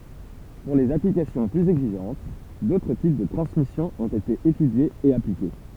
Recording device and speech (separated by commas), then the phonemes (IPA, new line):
temple vibration pickup, read sentence
puʁ lez aplikasjɔ̃ plyz ɛɡziʒɑ̃t dotʁ tip də tʁɑ̃smisjɔ̃ ɔ̃t ete etydjez e aplike